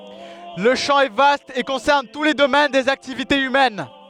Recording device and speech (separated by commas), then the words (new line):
headset microphone, read sentence
Le champ est vaste et concerne tous les domaines des activités humaines.